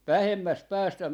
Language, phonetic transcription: Finnish, "vähemmäst "päästä , .
- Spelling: vähemmästä päästä

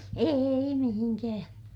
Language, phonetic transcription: Finnish, èi mihiŋkää̰ .
- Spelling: ei mihinkään

